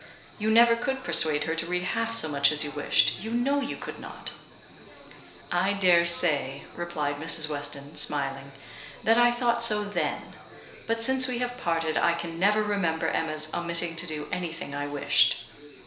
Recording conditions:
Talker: one person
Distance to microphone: 1.0 m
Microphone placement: close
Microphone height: 1.1 m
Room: small (3.7 m by 2.7 m)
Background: babble

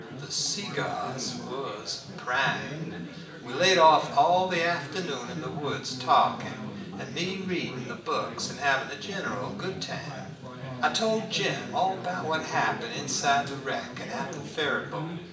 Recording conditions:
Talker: one person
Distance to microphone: 1.8 m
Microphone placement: close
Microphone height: 1.0 m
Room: large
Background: babble

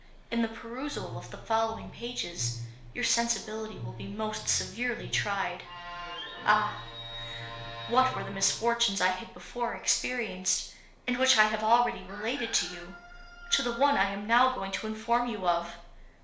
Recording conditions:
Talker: one person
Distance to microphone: 1.0 m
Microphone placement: close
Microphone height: 1.1 m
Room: small (3.7 m by 2.7 m)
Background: television

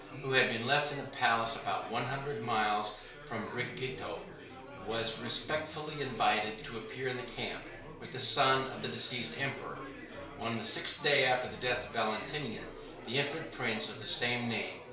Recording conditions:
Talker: one person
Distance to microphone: 1.0 m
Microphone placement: close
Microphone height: 1.1 m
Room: small (3.7 m by 2.7 m)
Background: babble

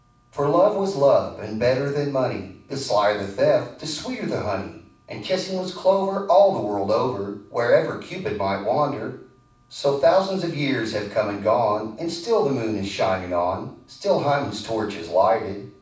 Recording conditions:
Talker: one person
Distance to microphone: 5.8 m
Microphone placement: far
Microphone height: 1.8 m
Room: medium-sized (5.7 m by 4.0 m)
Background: none

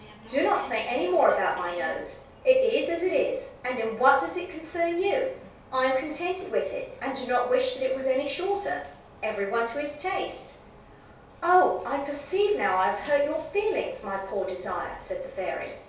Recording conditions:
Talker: one person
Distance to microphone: 3.0 m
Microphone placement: far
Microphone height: 1.8 m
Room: small (3.7 m by 2.7 m)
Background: television

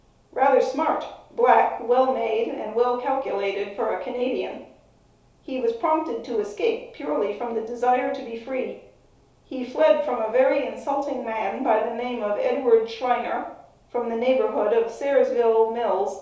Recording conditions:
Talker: one person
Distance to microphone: 3.0 m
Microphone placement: far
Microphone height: 1.8 m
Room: small (3.7 m by 2.7 m)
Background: none

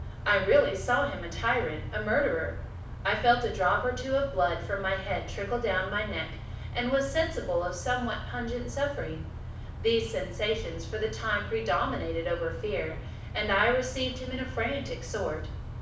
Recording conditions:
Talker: one person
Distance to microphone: 5.8 m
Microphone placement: far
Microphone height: 1.8 m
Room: medium-sized (5.7 m by 4.0 m)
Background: none

